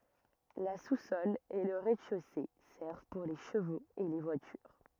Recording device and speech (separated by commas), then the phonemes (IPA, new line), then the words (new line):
rigid in-ear microphone, read sentence
la susɔl e lə ʁɛzdɛʃose sɛʁv puʁ le ʃəvoz e le vwatyʁ
La sous-sol et le rez-de-chaussée servent pour les chevaux et les voitures.